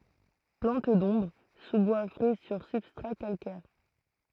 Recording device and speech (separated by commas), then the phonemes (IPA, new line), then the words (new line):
throat microphone, read sentence
plɑ̃t dɔ̃bʁ suzbwa fʁɛ syʁ sybstʁa kalkɛʁ
Plante d'ombre, sous-bois frais sur substrats calcaires.